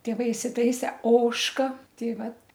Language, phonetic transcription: Lithuanian, tėˈvai isiˈtaise ˈožka ˈtei ˈvat

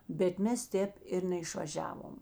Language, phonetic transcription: Lithuanian, bet ˈmes ˈtēp ir neišvaˈžiavom

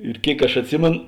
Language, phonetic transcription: Lithuanian, ir ˈkėik aš atˈsimėn

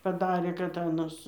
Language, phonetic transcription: Lithuanian, paˈdarė kad ˈanas

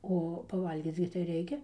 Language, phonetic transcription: Lithuanian, ˈo paˈvalgyc gi tai ˈreikia

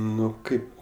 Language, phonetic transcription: Lithuanian, ˈnu ˈkaip

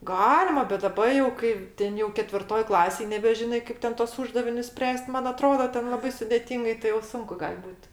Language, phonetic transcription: Lithuanian, ˈgalima bet daˈba jau ˈkai ˈten jau ketvirˈtoj ˈklasėj nebeˈžinai ˈkaip ten tuos ˈūždavinius ˈspręs't' ˈman aˈtroda ˈten laˈbai sudėˈtyngai tai jau ˈsunku ˈgal' ˈbūt

